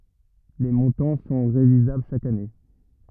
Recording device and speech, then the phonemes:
rigid in-ear microphone, read sentence
le mɔ̃tɑ̃ sɔ̃ ʁevizabl ʃak ane

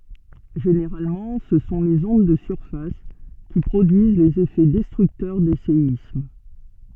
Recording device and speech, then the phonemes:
soft in-ear microphone, read sentence
ʒeneʁalmɑ̃ sə sɔ̃ lez ɔ̃d də syʁfas ki pʁodyiz lez efɛ dɛstʁyktœʁ de seism

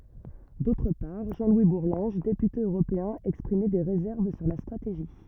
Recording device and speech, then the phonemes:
rigid in-ear microphone, read sentence
dotʁ paʁ ʒɑ̃ lwi buʁlɑ̃ʒ depyte øʁopeɛ̃ ɛkspʁimɛ de ʁezɛʁv syʁ la stʁateʒi

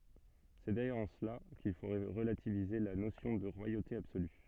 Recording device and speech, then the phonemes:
soft in-ear microphone, read sentence
sɛ dajœʁz ɑ̃ səla kil fo ʁəlativize la nosjɔ̃ də ʁwajote absoly

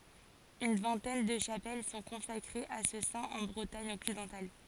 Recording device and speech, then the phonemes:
forehead accelerometer, read sentence
yn vɛ̃tɛn də ʃapɛl sɔ̃ kɔ̃sakʁez a sə sɛ̃ ɑ̃ bʁətaɲ ɔksidɑ̃tal

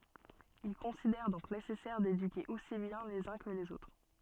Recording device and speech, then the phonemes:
soft in-ear microphone, read sentence
il kɔ̃sidɛʁ dɔ̃k nesɛsɛʁ dedyke osi bjɛ̃ lez œ̃ kə lez otʁ

